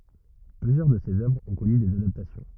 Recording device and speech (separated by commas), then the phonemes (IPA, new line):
rigid in-ear microphone, read sentence
plyzjœʁ də sez œvʁz ɔ̃ kɔny dez adaptasjɔ̃